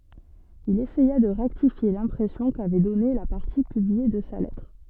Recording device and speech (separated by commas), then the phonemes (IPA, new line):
soft in-ear microphone, read sentence
il esɛja də ʁɛktifje lɛ̃pʁɛsjɔ̃ kavɛ dɔne la paʁti pyblie də sa lɛtʁ